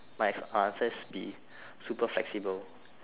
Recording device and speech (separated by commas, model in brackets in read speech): telephone, conversation in separate rooms